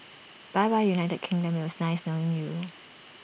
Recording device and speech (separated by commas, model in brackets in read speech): boundary microphone (BM630), read sentence